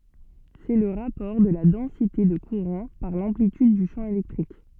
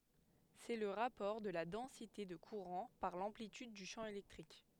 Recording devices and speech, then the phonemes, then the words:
soft in-ear microphone, headset microphone, read sentence
sɛ lə ʁapɔʁ də la dɑ̃site də kuʁɑ̃ paʁ lɑ̃plityd dy ʃɑ̃ elɛktʁik
C'est le rapport de la densité de courant par l'amplitude du champ électrique.

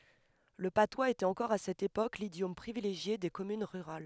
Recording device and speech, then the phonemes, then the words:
headset microphone, read sentence
lə patwaz etɛt ɑ̃kɔʁ a sɛt epok lidjɔm pʁivileʒje de kɔmyn ʁyʁal
Le patois était encore à cette époque l'idiome privilégié des communes rurales.

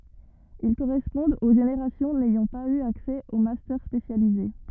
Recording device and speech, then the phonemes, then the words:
rigid in-ear microphone, read sentence
il koʁɛspɔ̃dt o ʒeneʁasjɔ̃ nɛjɑ̃ paz y aksɛ o mastœʁ spesjalize
Ils correspondent aux générations n'ayant pas eu accès aux Master spécialisés.

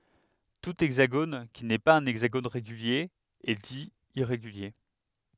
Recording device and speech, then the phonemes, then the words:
headset microphone, read sentence
tu ɛɡzaɡon ki nɛ paz œ̃ ɛɡzaɡon ʁeɡylje ɛ di iʁeɡylje
Tout hexagone qui n'est pas un hexagone régulier est dit irrégulier.

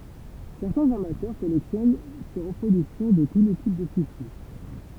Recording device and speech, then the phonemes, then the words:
temple vibration pickup, read sentence
sɛʁtɛ̃z amatœʁ kɔlɛksjɔn se ʁəpʁodyksjɔ̃ də tu le tip də syʃi
Certains amateurs collectionnent ces reproductions de tous les types de sushis.

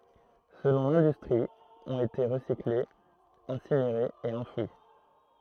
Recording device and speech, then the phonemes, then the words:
throat microphone, read sentence
səlɔ̃ lɛ̃dystʁi ɔ̃t ete ʁəsiklez ɛ̃sineʁez e ɑ̃fwi
Selon l'industrie, ont été recyclées, incinérées et enfouies.

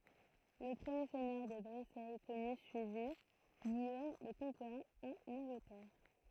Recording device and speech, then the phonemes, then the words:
throat microphone, read sentence
lə pʁəmje sɛɲœʁ də bʁesɛ kɔny syivi ɡijom lə kɔ̃keʁɑ̃ ɑ̃n ɑ̃ɡlətɛʁ
Le premier seigneur de Brécey connu suivit Guillaume le Conquérant en Angleterre.

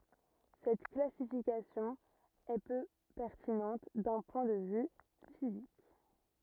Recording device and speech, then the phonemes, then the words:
rigid in-ear microphone, read sentence
sɛt klasifikasjɔ̃ ɛ pø pɛʁtinɑ̃t dœ̃ pwɛ̃ də vy fizik
Cette classification est peu pertinente d'un point de vue physique.

